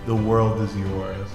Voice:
scary deep voice